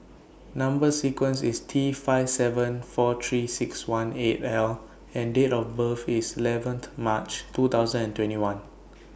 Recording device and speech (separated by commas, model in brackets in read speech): boundary microphone (BM630), read sentence